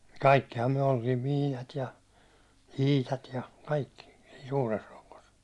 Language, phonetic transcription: Finnish, 'kaikkiham myäₒ oltiim "Miinat ja , "Iitat ja , 'kaikki , siin̬ 'suures rok̀os .
- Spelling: kaikkihan me oltiin Miinat ja Iitat ja kaikki siinä suuressa rokossa

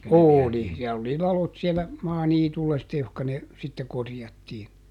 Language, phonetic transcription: Finnish, "òli , siäll ‿oli "lalot siellä , ˈmaaniitulla sitte ˈjohka ne , sitte ˈkorjattii .
- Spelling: oli siellä oli ladot siellä maaniityllä sitten johon ne sitten korjattiin

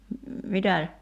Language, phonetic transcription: Finnish, 'mitä ?
- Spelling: mitä

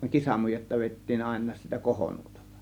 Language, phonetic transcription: Finnish, 'kisamujetta 'vèittiin àėn̆naas sitä 'kohonuotalla .
- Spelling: kisamujetta vedettiin aina sitä kohonuotalla

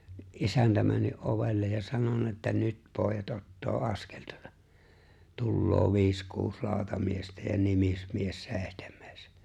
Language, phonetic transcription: Finnish, (ni’) '’isäntä männy’ '’ovellej ja 'sanonna että » "nyt 'pooᵉjat '’ottoo '’askel tᴜᴏtᴀ , 'tulloo 'viis 'kuus 'laaᵒtamiestä ja "nimismies 'seeⁱhtem̆mᴇᴇs « .
- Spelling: niin isäntä mennyt ovelle ja sanonut että nyt pojat ottaa askel tuota tulee viisi kuusi lautamiestä ja nimismies seitsemäs

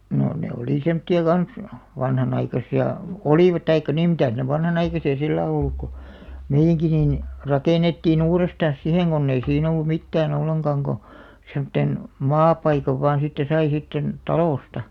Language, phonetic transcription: Finnish, 'nò 'ne oli semtti₍a 'kans , 'vanhanaikasi₍a , (ko) "olivat 'taikka nim 'mitä̀s ne "vanhanaikasi₍a 'sillä̀§ olluk ko , "meijjäŋki niin , 'rakènettii'n ‿uurestan̬s "siheŋ ɢonn ‿ei 'siin ‿ollu "mittää'n ‿olleŋɢaŋ ɢo , semᵒtten , "maapaikav 'vaan̬ sitte 'sai sitten , "talòsta .
- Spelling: no ne oli semmoisia kanssa vanhanaikaisia kun olivat tai niin mitäs ne vanhanaikaisia sillä ollut kun meidänkin niin rakennettiin uudestaan siihen kun ei siinä ollut mitään ollenkaan kun semmoisen maapaikan vain sitten sai sitten talosta

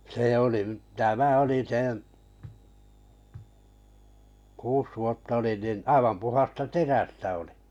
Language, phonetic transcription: Finnish, 'sè oli’ , 'tämä oli 'seḛ , 'kuus vuotta olin nin 'aivam 'puhasta "terästä olɪ .
- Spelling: se oli tämä oli sen kuusi vuotta olin niin aivan puhdasta terästä oli

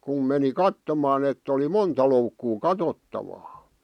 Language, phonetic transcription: Finnish, kum meni 'kattomaa ett ‿oli 'monta loukkuu "katottavaa .
- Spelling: kun meni katsomaan että oli monta loukkua katsottavaa

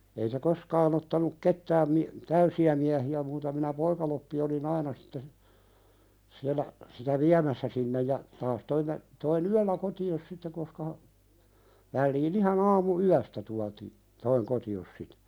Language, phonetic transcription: Finnish, ei se 'koskaan ‿ottanuk 'kettääm mi- , "täysi₍ä miähi₍ä muuta minä 'poikaloppi oli"n ‿aina sɪtte , siällä , sitä "viämässä sinnej ja , taas 'toimme , toi"n ‿yällä 'koti₍os 'sitte koska (ha) , vällii'n ‿ihan ‿aamu₍"yästä tuati- , toiŋ "koti₍os sitᴀ̈ .
- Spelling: ei se koskaan ottanut ketään - täysiä miehiä muuta minä poikaloppi olin aina sitten siellä sitä viemässä sinne ja taas toimme toin yöllä kotiin sitten koska - väliin ihan aamuyöstä tuotiin toin kotiin sitä

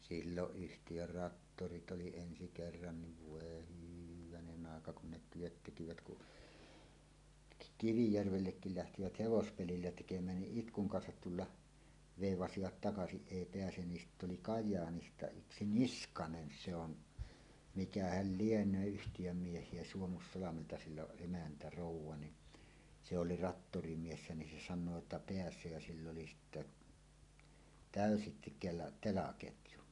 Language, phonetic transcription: Finnish, silloˀ 'ˀyhtijör "rattorit 'oli ensi kerran niv "vòe "hyvänenⁿ ‿àeka kun ne "työt 'tekivät ku’ , "Kivijärvellekkil 'lähtivät "hevospelillä tekem̀ään niˀ "ˀitkuŋ 'kansat 'tulla , vèivasiva t takasiˀ 'ˀèi peäsen ni 'sitt ‿oli "Kaj̆jaanista 'yksi "Niskanen "se ‿on , 'mikähäl 'lieǹöö "yhtijöm 'mieh̀ie Suomussalamelta sill ‿oˀ ˀemäntä 'ròuw̆wa ni , "se 'oli "rattorimiessä nin se san̆noo että "peäs̀ö jä sill ‿oli sitte , "tä̀ösi kela- "telaketju .
- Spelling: silloin yhtiön traktorit oli ensi kerran niin voi hyvänen aika kun ne työt tekivät kun Kivijärvellekin lähtivät hevospelillä tekemään niin itkun kanssa tulla veivasivat - takaisin ei pääse niin sitten oli Kajaanista yksi Niskanen se on mikähän lienee yhtiön miehiä Suomussalmelta sillä on emäntä rouva niin se oli traktorimies niin se sanoo että pääsee ja sillä oli sitten täysi kela telaketju

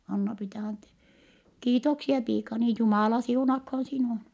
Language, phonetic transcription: Finnish, Anna-Priita (antee-) , » kiitoksie piikani , Jumàla siunakhoon sinuå .
- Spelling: Anna-Priita - kiitoksia piikani Jumala siunatkoon sinua

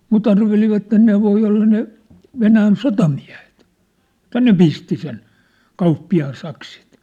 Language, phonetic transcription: Finnish, 'mu't ‿arvelivatten 'ne voi olla ne , 'Venään "sotamiä̭hᴇt , että "ne pisti sen , 'kauppi₍aan 'saksit .
- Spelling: mutta arvelivat ne voi olla ne Venäjän sotamiehet että ne pisti sen kauppiaan sakset

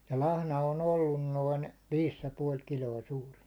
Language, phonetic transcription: Finnish, ja 'lahna o'n ‿ollun 'noin , 'viis ja 'puål "kil̜oi 'suuri[n] .
- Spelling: ja lahna on ollut noin viisi ja puoli kiloinen suurin

